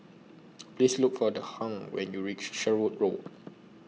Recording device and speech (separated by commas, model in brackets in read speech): mobile phone (iPhone 6), read sentence